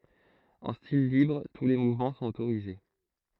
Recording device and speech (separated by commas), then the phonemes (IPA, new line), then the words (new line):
throat microphone, read sentence
ɑ̃ stil libʁ tu le muvmɑ̃ sɔ̃t otoʁize
En style libre, tous les mouvements sont autorisés.